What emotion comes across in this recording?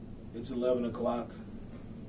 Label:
neutral